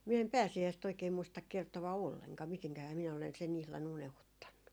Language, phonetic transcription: Finnish, min ‿em 'pääsi₍äist oikee muistak kertova "olleŋkaa 'miteŋkähää minä olen sen 'ihlan 'unehuttannu .
- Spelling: minä en pääsiäistä oikein muista kertoa ollenkaan mitenkähän minä olen sen ihan unohtanut

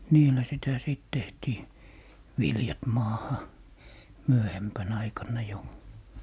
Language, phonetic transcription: Finnish, "niillä sitä 'sìt 'tehtii , "viljat 'maaha , "myöhempän 'aikanna jo .
- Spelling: niillä sitä sitten tehtiin viljat maahan myöhempänä aikana jo

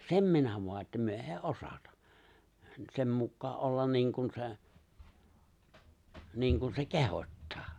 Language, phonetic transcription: Finnish, sem 'minä voa että 'myö '’èi "’osata , 'sem mukkaa’ '’ollan 'niiŋkun se̬ , 'niiŋkun se "kehot́taa .
- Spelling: sen minä vain että me ei osata sen mukaan olla niin kuin se niin kuin se kehottaa

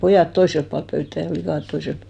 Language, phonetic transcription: Finnish, 'pojàt 'toiselp pualp 'pöyttä 'flikàt 'toiselp (pual) .
- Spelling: pojat toisella puolen pöytää likat toisella puolen

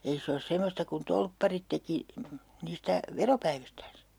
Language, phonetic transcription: Finnish, 'ei se os 'semmosta kun "tolpparit teki , 'niistä , "veropäivistääns .
- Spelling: ei se ole semmoista kuin torpparit teki niistä veropäivistään

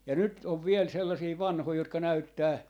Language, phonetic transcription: Finnish, ja 'nyt ov 'viel sellasii "vanhoi jotka "näyttää ,.
- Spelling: ja nyt on vielä sellaisia vanhoja jotka näyttää

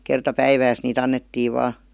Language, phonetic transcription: Finnish, kerta "päivääs nii't ‿annettii 'vaa .
- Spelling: kerta päivässä niitä annettiin vain

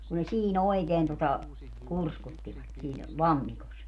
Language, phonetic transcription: Finnish, ku ne 'sii"n ‿oikeen tota , 'kurskuttivat siin , "lammikos .
- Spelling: kun ne siinä oikein tuota kurskuttivat siinä lammikossa

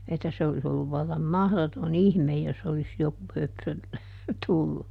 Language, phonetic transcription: Finnish, että se olis ‿olluv ˈvallam "mahδoto"n ‿ihmej jos olis ˈjoku ˈhöpsö , ˈtullu .
- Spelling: että se olisi ollut vallan mahdoton ihme jos olisi joku höpsö tullut

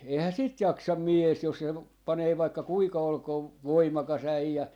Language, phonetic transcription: Finnish, 'eihää 'sit "jaksam "miès jos sel- , 'panee vaikka "kuika 'olkoov , "voimaka's ‿äijä .
- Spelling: eihän sitä jaksa mies jos - panee vaikka kuinka olkoon voimakas äijä

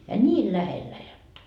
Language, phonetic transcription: Finnish, ja "ńiil 'lähellä jotta .
- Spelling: ja niin lähellä jotta

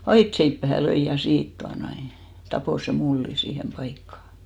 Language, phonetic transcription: Finnish, "aitseippähä 'löi ja 'siit tuanoi , 'tapò se 'mullin̬ 'siihem 'paikkà .
- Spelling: aitaseipääseen löi ja siitä tuota noin tappoi sen mullin siihen paikkaan

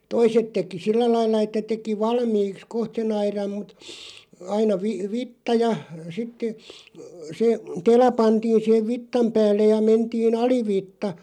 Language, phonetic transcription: Finnish, toiset 'teki "sillä 'lailla että 'teki "valmiiks "koht se'n ‿airam mut , 'aina vi- "vitta ja , 'sittᵉ , 'se , "tela 'pantiin̬ siʰev "vittam 'päällej ja 'mentii"n ‿ali'vitta ,.
- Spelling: toiset teki sillä lailla että teki valmiiksi kohta sen aidan mutta aina - vitsa ja sitten se tela pantiin siihen vitsan päälle ja mentiin alivitsa

